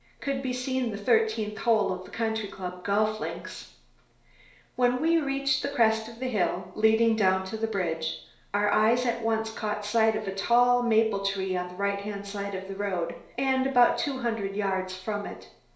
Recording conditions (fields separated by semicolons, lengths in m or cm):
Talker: one person; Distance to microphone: 1.0 m; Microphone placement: close; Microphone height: 1.1 m; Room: small (3.7 m by 2.7 m); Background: none